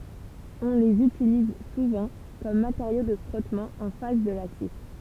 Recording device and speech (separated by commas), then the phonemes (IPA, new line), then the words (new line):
temple vibration pickup, read sentence
ɔ̃ lez ytiliz suvɑ̃ kɔm mateʁjo də fʁɔtmɑ̃ ɑ̃ fas də lasje
On les utilise souvent comme matériau de frottement en face de l'acier.